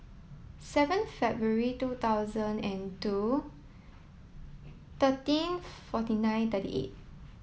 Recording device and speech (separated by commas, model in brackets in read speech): mobile phone (iPhone 7), read sentence